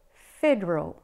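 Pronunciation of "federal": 'Federal' is pronounced with a British accent.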